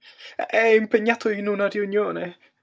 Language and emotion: Italian, fearful